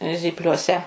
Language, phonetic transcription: Lithuanian, zypliuoˈse

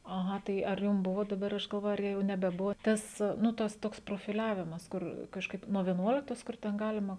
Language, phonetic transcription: Lithuanian, aˈha ˈtai ar ˈjum ˈbuvo daˈbar ˈaš galˈvoju ar ˈjau nebeˈbuvo ˈtas nu ˈtas ˈtoks profiˈliavimas ˈkur kažˈkaip nuo vieˈnuoliktos ˈkur ten ˈgalima

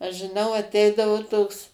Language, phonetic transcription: Lithuanian, aš žiˈnau aˈteidavu ˈtoks

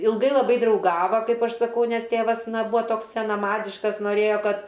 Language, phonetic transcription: Lithuanian, ilˈgai laˈbai drauˈgava ˈkaip ˈaš saˈkau ˈnes ˈtėvas ˈna ˈbūa ˈtoks senaˈmadiškas noˈrėjo ˈkad

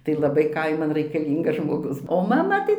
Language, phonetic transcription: Lithuanian, tai laˈbai ˈkaiman raikaˈlyngas žmoˈgus o maˈma tai

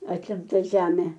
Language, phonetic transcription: Lithuanian, atimˈta ˈžemė

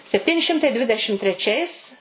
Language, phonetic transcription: Lithuanian, sepˈtyni ˈšimtai ˈdvidešim treˈčiais

